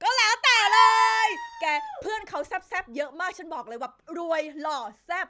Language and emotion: Thai, happy